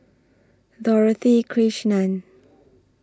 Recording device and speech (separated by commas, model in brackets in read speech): standing microphone (AKG C214), read sentence